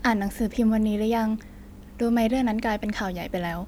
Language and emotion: Thai, neutral